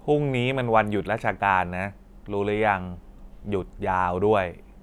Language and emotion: Thai, frustrated